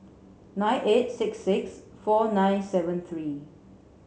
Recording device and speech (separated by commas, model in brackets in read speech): mobile phone (Samsung C7), read sentence